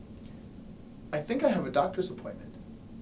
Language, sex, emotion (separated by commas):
English, male, neutral